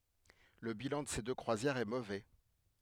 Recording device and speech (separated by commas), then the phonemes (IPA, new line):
headset microphone, read sentence
lə bilɑ̃ də se dø kʁwazjɛʁz ɛ movɛ